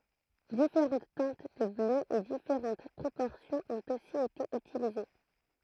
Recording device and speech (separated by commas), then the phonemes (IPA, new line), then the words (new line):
throat microphone, read sentence
difeʁɑ̃t tɛ̃t də blø e difeʁɑ̃t pʁopɔʁsjɔ̃z ɔ̃t osi ete ytilize
Différentes teintes de bleu et différentes proportions ont aussi été utilisées.